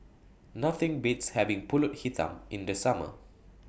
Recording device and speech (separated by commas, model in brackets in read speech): boundary microphone (BM630), read sentence